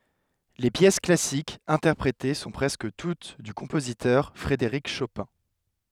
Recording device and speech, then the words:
headset microphone, read sentence
Les pièces classiques interprétées sont presque toutes du compositeur Frédéric Chopin.

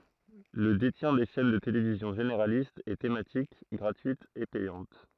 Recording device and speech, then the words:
throat microphone, read sentence
Le détient des chaînes de télévision généralistes et thématiques, gratuites et payantes.

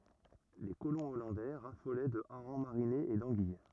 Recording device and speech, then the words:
rigid in-ear microphone, read sentence
Les colons hollandais raffolaient de harengs marinés et d'anguilles.

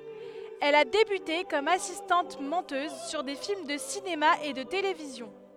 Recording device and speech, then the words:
headset microphone, read sentence
Elle a débuté comme assistante-monteuse sur des films de cinéma et de télévision.

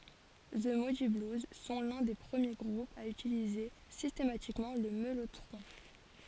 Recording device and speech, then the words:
forehead accelerometer, read sentence
The Moody Blues sont l'un des premiers groupes à utiliser systématiquement le mellotron.

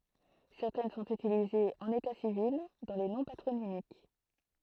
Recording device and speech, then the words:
throat microphone, read sentence
Certaines sont utilisées en état civil dans les noms patronymiques.

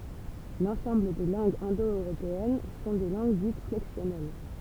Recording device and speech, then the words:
temple vibration pickup, read sentence
L'ensemble des langues indo-européennes sont des langues dites flexionnelles.

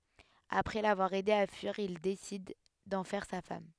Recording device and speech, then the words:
headset microphone, read sentence
Après l'avoir aidée à fuir, il décide d'en faire sa femme.

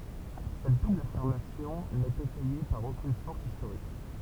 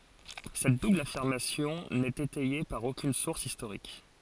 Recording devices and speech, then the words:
temple vibration pickup, forehead accelerometer, read sentence
Cette double affirmation n'est étayée par aucune source historique.

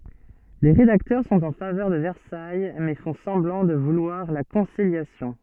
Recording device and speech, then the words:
soft in-ear microphone, read sentence
Les rédacteurs sont en faveur de Versailles mais font semblant de vouloir la conciliation.

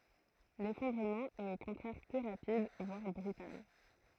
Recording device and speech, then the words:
throat microphone, read sentence
L'effondrement est au contraire plus rapide, voire brutal.

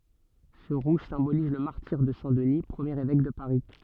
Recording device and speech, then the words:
soft in-ear microphone, read sentence
Ce rouge symbolise le martyre de saint Denis, premier évêque de Paris.

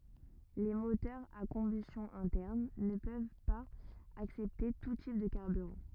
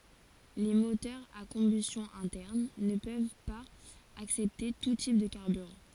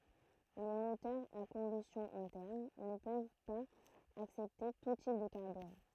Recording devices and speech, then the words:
rigid in-ear microphone, forehead accelerometer, throat microphone, read sentence
Les moteurs à combustion interne ne peuvent pas accepter tout type de carburant.

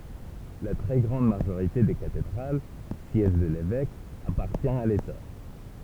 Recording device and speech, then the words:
temple vibration pickup, read sentence
La très grande majorité des cathédrales, siège de l'évêque, appartient à l'État.

